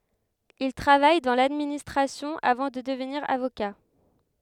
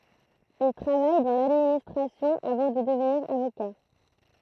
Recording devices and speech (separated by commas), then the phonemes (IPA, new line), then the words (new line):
headset microphone, throat microphone, read sentence
il tʁavaj dɑ̃ ladministʁasjɔ̃ avɑ̃ də dəvniʁ avoka
Il travaille dans l'administration avant de devenir avocat.